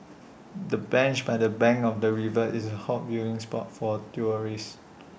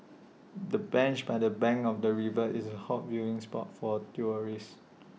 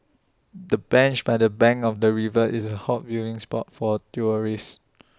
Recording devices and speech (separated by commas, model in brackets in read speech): boundary microphone (BM630), mobile phone (iPhone 6), standing microphone (AKG C214), read sentence